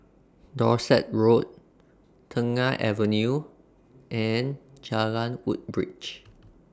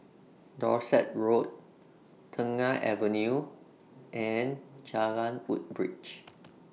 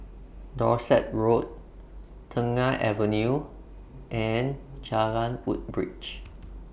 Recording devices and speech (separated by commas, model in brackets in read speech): standing microphone (AKG C214), mobile phone (iPhone 6), boundary microphone (BM630), read sentence